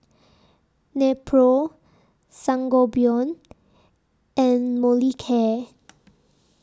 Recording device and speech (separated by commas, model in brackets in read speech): standing microphone (AKG C214), read sentence